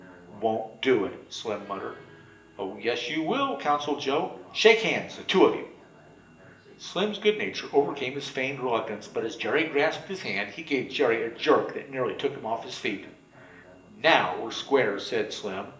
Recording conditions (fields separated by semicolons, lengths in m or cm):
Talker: one person; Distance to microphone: 1.8 m; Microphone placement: close; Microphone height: 1.0 m; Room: large; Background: television